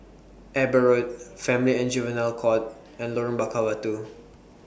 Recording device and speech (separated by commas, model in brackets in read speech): boundary microphone (BM630), read sentence